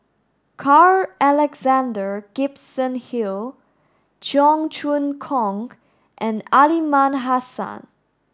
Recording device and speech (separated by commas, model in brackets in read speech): standing microphone (AKG C214), read sentence